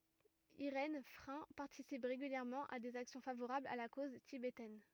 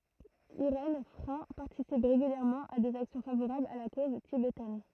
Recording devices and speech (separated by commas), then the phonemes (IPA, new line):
rigid in-ear microphone, throat microphone, read sentence
iʁɛn fʁɛ̃ paʁtisip ʁeɡyljɛʁmɑ̃ a dez aksjɔ̃ favoʁablz a la koz tibetɛn